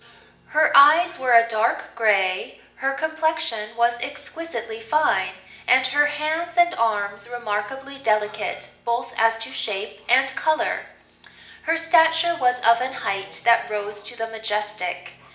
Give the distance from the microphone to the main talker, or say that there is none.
1.8 m.